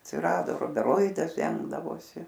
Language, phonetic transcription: Lithuanian, atsiˈrado rubeˈroidas ˈdengdavosi

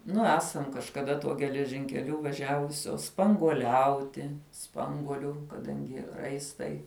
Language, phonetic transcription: Lithuanian, ˈnu ˈesam kažkaˈda tuo geležinkeˈliu vaˈžiavusios spanguoˈliauti ˈspanguolių kaˈdangi ˈraistai

